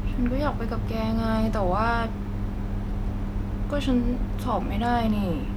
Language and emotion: Thai, sad